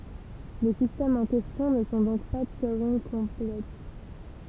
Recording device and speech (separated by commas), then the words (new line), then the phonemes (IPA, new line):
temple vibration pickup, read sentence
Les systèmes en question ne sont donc pas Turing-complets.
le sistɛmz ɑ̃ kɛstjɔ̃ nə sɔ̃ dɔ̃k pa tyʁɛ̃ɡkɔ̃plɛ